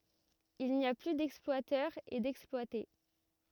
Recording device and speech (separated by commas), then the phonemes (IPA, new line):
rigid in-ear microphone, read sentence
il ni a ply dɛksplwatœʁz e dɛksplwate